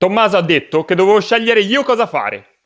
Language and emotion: Italian, angry